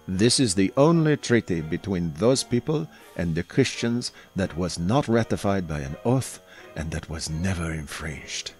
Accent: bad French accent